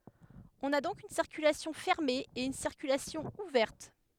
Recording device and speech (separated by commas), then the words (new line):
headset microphone, read sentence
On a donc une circulation fermée et une circulation ouverte.